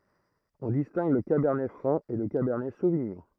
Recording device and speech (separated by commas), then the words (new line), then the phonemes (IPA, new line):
throat microphone, read sentence
On distingue le cabernet franc et le cabernet sauvignon.
ɔ̃ distɛ̃ɡ lə kabɛʁnɛ fʁɑ̃ e lə kabɛʁnɛ soviɲɔ̃